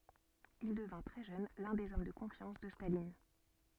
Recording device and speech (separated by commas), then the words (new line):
soft in-ear microphone, read sentence
Il devint très jeune l'un des hommes de confiance de Staline.